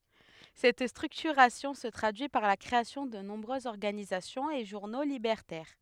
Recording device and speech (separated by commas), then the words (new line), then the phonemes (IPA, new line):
headset microphone, read sentence
Cette structuration se traduit par la création de nombreuses organisations et journaux libertaires.
sɛt stʁyktyʁasjɔ̃ sə tʁadyi paʁ la kʁeasjɔ̃ də nɔ̃bʁøzz ɔʁɡanizasjɔ̃z e ʒuʁno libɛʁtɛʁ